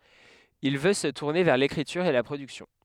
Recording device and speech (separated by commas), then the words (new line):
headset microphone, read sentence
Il veut se tourner vers l'écriture et la production.